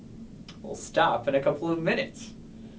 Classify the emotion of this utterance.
happy